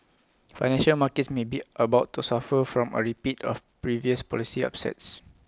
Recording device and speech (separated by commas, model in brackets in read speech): close-talking microphone (WH20), read sentence